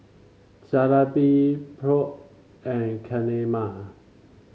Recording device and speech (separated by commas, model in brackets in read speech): mobile phone (Samsung C5), read sentence